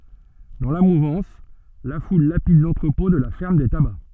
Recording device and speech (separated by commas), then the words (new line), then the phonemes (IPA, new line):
soft in-ear microphone, read sentence
Dans la mouvance, la foule lapide l’entrepôt de la ferme des tabacs.
dɑ̃ la muvɑ̃s la ful lapid lɑ̃tʁəpɔ̃ də la fɛʁm de taba